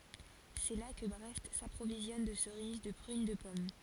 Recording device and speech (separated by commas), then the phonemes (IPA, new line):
forehead accelerometer, read sentence
sɛ la kə bʁɛst sapʁovizjɔn də səʁiz də pʁyn də pɔm